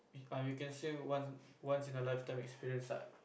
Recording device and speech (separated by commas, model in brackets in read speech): boundary microphone, conversation in the same room